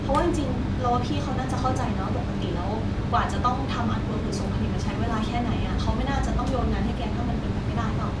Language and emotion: Thai, neutral